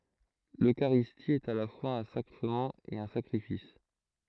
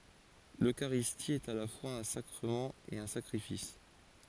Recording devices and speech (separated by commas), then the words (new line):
throat microphone, forehead accelerometer, read sentence
L’Eucharistie est à la fois un sacrement et un sacrifice.